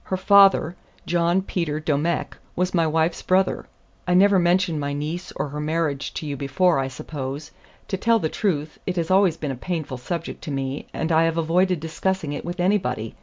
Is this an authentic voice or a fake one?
authentic